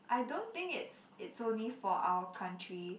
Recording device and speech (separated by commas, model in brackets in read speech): boundary microphone, conversation in the same room